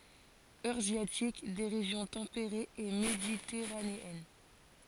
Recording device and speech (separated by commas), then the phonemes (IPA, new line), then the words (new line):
forehead accelerometer, read sentence
øʁazjatik de ʁeʒjɔ̃ tɑ̃peʁez e meditɛʁaneɛn
Eurasiatique des régions tempérées et méditerranéennes.